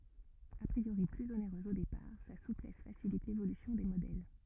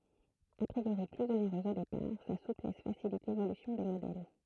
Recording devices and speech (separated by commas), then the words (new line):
rigid in-ear microphone, throat microphone, read sentence
A priori plus onéreuse au départ, sa souplesse facilite l'évolution des modèles.